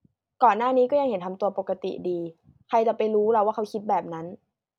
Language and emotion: Thai, neutral